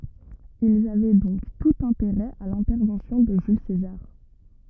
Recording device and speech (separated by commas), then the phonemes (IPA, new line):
rigid in-ear microphone, read sentence
ilz avɛ dɔ̃k tut ɛ̃teʁɛ a lɛ̃tɛʁvɑ̃sjɔ̃ də ʒyl sezaʁ